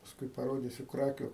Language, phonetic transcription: Lithuanian, pasˈkui paˈrodysiu ˈkrakiu

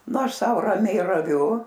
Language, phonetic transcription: Lithuanian, nu ˈaš ˈsau raˈmiai raˈviu

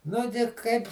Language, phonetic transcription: Lithuanian, ˈnu gi ˈkaip

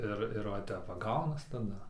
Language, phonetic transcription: Lithuanian, ˈir ir va ˈtep va ˈgaunas taˈda

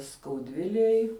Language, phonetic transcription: Lithuanian, skauˈdvilėj

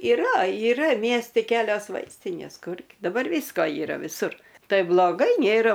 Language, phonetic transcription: Lithuanian, iˈra iˈra ˈmiesti ˈkelios ˈvaistinės ˈkur daˈbar ˈvysko yˈra viˈsur ˈtai bloˈgai ˈnėra

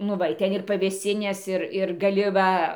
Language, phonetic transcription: Lithuanian, ˈnu ˈva i ˈten ir pavėsˈinės ˈir ir gaˈli ˈva

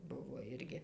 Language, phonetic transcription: Lithuanian, ˈbuvo ˈirgi

